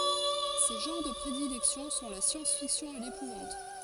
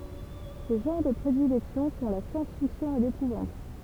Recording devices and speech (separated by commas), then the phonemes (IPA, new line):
forehead accelerometer, temple vibration pickup, read sentence
se ʒɑ̃ʁ də pʁedilɛksjɔ̃ sɔ̃ la sjɑ̃sfiksjɔ̃ e lepuvɑ̃t